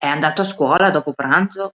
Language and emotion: Italian, neutral